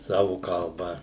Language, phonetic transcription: Lithuanian, ˈsavu kalˈba

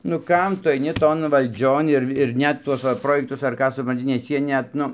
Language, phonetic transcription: Lithuanian, nu ˈkam ˈtu aiˈni ˈton valˈdžion ir ir ˈnet ˈtuos va ˈprojektus ar ˈką supranˈti nes ˈjie net ˈnu

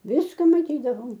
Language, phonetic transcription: Lithuanian, ˈviska maˈtydavom

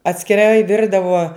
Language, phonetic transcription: Lithuanian, atskiˈrai ˈvirdavo

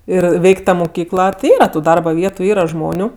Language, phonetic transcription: Lithuanian, ˈir ˈveik' ˈta muˈkykla ti ˈyra tu ˈdarba ˈvietu ˈyra ˈžmoniu

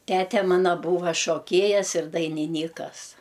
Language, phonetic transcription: Lithuanian, ˈtete ˈmana ˈbūva šoˈkėjas ir dainiˈnykas

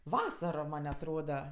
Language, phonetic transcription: Lithuanian, ˈvasaro ˈman' atˈroda

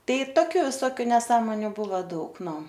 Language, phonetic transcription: Lithuanian, ˈtai ˈtokiu viˈsokiu neˈsąmoniu ˈbūva ˈdaug ˈnu

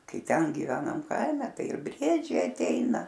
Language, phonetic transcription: Lithuanian, ˈkai ˈten giˈvenam ˈkaime ˈtai ir ˈbriedžiai atˈeina

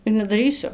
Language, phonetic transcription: Lithuanian, ir nedaˈrysiu

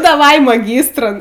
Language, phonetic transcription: Lithuanian, daˈvai maˈgystrun

